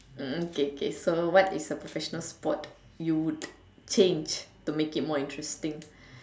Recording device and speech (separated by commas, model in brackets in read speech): standing microphone, conversation in separate rooms